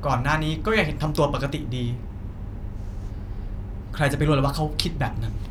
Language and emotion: Thai, frustrated